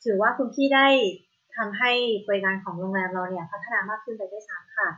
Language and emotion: Thai, neutral